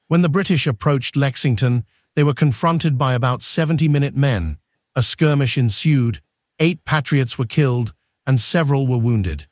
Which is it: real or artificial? artificial